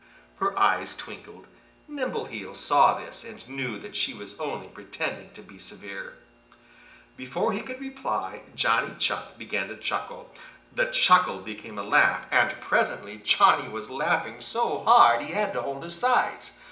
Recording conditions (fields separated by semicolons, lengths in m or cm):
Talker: one person; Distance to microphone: 1.8 m; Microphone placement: close; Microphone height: 1.0 m; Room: large; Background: television